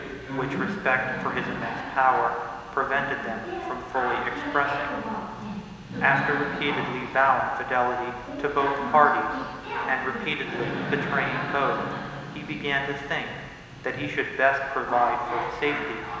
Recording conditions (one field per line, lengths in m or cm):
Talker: one person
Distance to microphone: 1.7 m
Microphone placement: close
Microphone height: 1.0 m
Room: very reverberant, large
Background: television